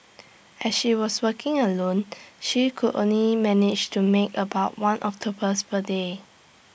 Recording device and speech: boundary microphone (BM630), read sentence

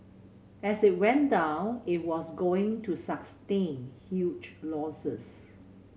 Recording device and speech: mobile phone (Samsung C7100), read sentence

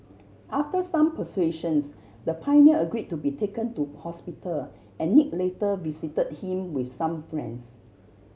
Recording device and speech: mobile phone (Samsung C7100), read sentence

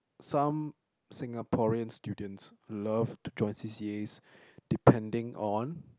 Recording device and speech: close-talking microphone, conversation in the same room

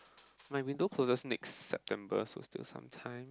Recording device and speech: close-talking microphone, conversation in the same room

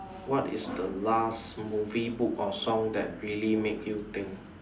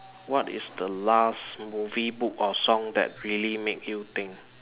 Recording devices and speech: standing microphone, telephone, conversation in separate rooms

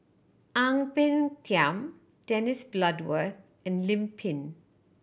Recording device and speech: boundary microphone (BM630), read sentence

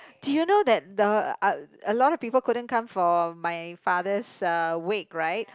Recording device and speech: close-talking microphone, conversation in the same room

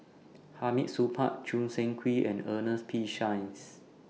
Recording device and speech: mobile phone (iPhone 6), read sentence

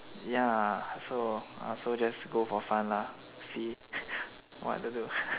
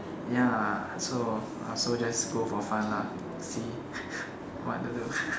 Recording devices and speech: telephone, standing microphone, conversation in separate rooms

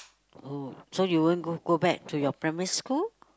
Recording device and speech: close-talking microphone, conversation in the same room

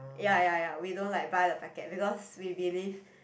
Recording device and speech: boundary microphone, conversation in the same room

